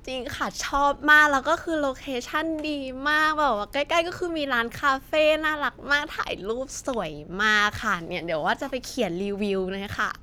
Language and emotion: Thai, happy